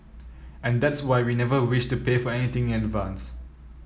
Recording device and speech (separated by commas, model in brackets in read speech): mobile phone (iPhone 7), read sentence